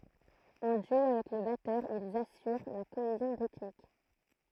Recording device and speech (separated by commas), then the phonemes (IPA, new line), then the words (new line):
throat microphone, read sentence
ɑ̃ dyo avɛk lə batœʁ ilz asyʁ la koezjɔ̃ ʁitmik
En duo avec le batteur, ils assurent la cohésion rythmique.